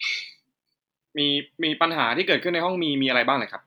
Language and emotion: Thai, frustrated